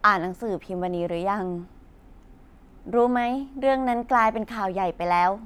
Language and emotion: Thai, neutral